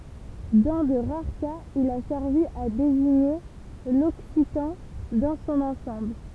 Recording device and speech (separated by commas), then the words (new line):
temple vibration pickup, read sentence
Dans de rares cas, il a servi à désigner l'occitan dans son ensemble.